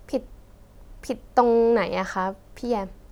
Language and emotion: Thai, sad